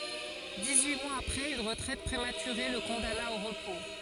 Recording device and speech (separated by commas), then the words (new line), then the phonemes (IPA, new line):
forehead accelerometer, read sentence
Dix-huit mois après, une retraite prématurée le condamna au repos.
diksyi mwaz apʁɛz yn ʁətʁɛt pʁematyʁe lə kɔ̃dana o ʁəpo